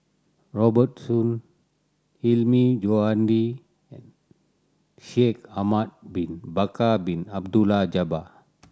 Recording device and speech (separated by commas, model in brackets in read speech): standing microphone (AKG C214), read sentence